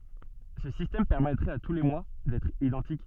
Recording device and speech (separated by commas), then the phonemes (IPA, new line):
soft in-ear microphone, read sentence
sə sistɛm pɛʁmɛtʁɛt a tu le mwa dɛtʁ idɑ̃tik